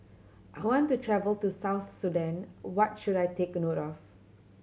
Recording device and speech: mobile phone (Samsung C7100), read sentence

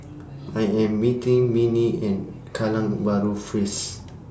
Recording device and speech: standing microphone (AKG C214), read sentence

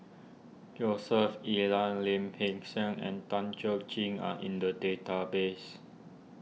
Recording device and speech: mobile phone (iPhone 6), read sentence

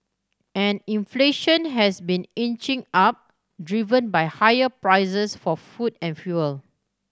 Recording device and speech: standing microphone (AKG C214), read sentence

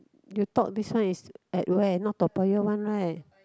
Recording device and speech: close-talking microphone, conversation in the same room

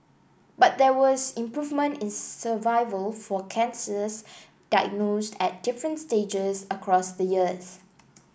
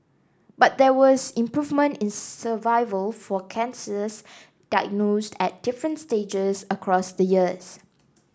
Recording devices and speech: boundary microphone (BM630), standing microphone (AKG C214), read sentence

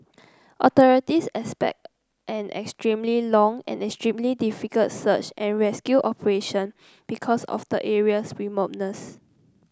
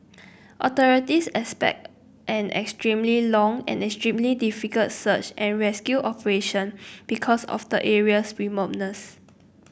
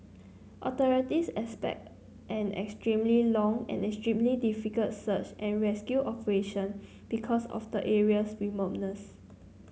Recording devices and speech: close-talking microphone (WH30), boundary microphone (BM630), mobile phone (Samsung C9), read sentence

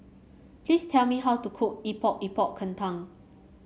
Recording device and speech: mobile phone (Samsung C7), read sentence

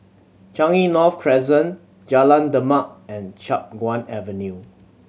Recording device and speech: mobile phone (Samsung C7100), read sentence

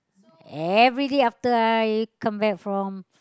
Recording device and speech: close-talking microphone, conversation in the same room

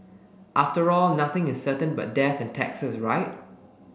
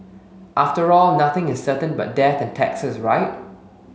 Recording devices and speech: boundary microphone (BM630), mobile phone (Samsung S8), read sentence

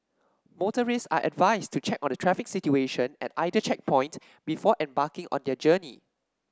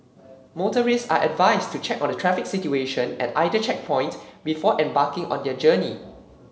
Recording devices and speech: standing microphone (AKG C214), mobile phone (Samsung C7), read sentence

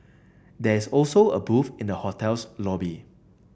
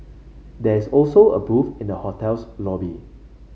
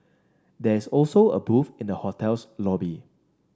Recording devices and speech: boundary microphone (BM630), mobile phone (Samsung C5), standing microphone (AKG C214), read sentence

